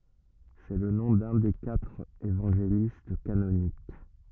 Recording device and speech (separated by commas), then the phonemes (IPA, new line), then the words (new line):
rigid in-ear microphone, read sentence
sɛ lə nɔ̃ dœ̃ de katʁ evɑ̃ʒelist kanonik
C'est le nom d'un des quatre évangélistes canoniques.